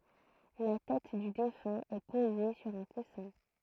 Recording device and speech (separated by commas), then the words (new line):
throat microphone, read sentence
La tête du défunt est posée sur un coussin.